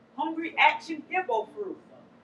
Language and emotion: English, fearful